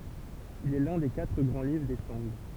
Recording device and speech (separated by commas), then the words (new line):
temple vibration pickup, read sentence
Il est l'un des quatre grands livres des Song.